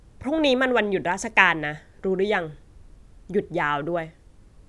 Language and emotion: Thai, neutral